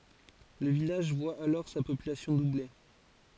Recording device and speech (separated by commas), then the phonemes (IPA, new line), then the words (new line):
forehead accelerometer, read sentence
lə vilaʒ vwa alɔʁ sa popylasjɔ̃ duble
Le village voit alors sa population doubler.